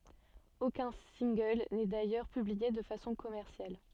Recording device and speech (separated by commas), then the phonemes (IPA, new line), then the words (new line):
soft in-ear microphone, read sentence
okœ̃ sɛ̃ɡl nɛ dajœʁ pyblie də fasɔ̃ kɔmɛʁsjal
Aucun single n'est d'ailleurs publié de façon commerciale.